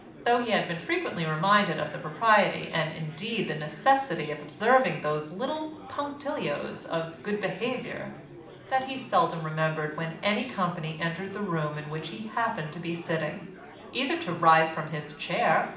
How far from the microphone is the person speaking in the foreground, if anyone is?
2.0 m.